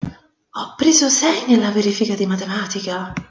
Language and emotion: Italian, surprised